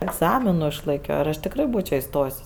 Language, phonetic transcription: Lithuanian, egˈzaminu išlaiˈkio ir ˈaš tikˈrai ˈbūčio iˈstojs'

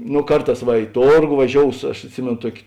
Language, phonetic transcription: Lithuanian, no ˈkarˌtās va i ˈtorgo vaˈžious aš atˈsimėno ˈtuok'

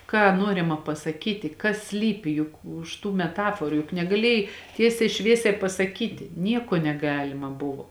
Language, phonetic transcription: Lithuanian, ˈką ˈnuorima pasaˈkyti kas ˈslypi ˈjuk už tų meˈtaforu juk negaˈlėjai ˈtiesiai ˈšviesiai pasaˈkyti ˈnieko neˈgalima ˈbuvo

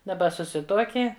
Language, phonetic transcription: Lithuanian, daˈba suˈsituoki

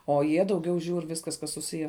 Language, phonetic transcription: Lithuanian, o ˈjie dauˈgiau ˈžiūr ˈviskas kas suˈsiję

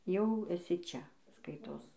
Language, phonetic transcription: Lithuanian, jau eˈsi ˈčia ˈskaitos

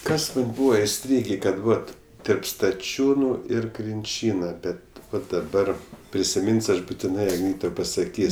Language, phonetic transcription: Lithuanian, ˈkas ˈbūva iˈstrygė kad ˈvat terp staˈčiūnu ir krinˈčyna ˈbet daˈbar prisiˈmin's' ˈaš butiˈnai ˈtau pasaˈkys'

